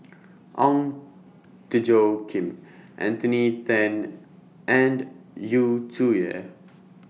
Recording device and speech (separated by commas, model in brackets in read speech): mobile phone (iPhone 6), read sentence